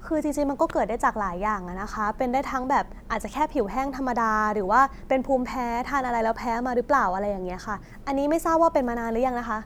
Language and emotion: Thai, neutral